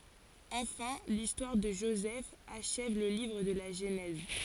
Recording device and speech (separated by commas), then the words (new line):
forehead accelerometer, read sentence
Enfin, l'histoire de Joseph achève le livre de la Genèse.